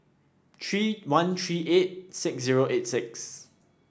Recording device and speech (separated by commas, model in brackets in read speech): standing microphone (AKG C214), read sentence